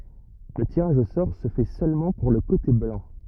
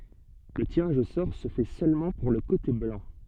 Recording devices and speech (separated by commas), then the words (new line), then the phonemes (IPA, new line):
rigid in-ear microphone, soft in-ear microphone, read sentence
Le tirage au sort se fait seulement pour le côté blanc.
lə tiʁaʒ o sɔʁ sə fɛ sølmɑ̃ puʁ lə kote blɑ̃